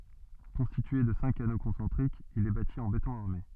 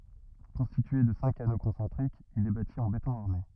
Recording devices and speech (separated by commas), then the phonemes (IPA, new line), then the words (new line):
soft in-ear microphone, rigid in-ear microphone, read sentence
kɔ̃stitye də sɛ̃k ano kɔ̃sɑ̃tʁikz il ɛ bati ɑ̃ betɔ̃ aʁme
Constitué de cinq anneaux concentriques, il est bâti en béton armé.